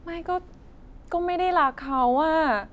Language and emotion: Thai, frustrated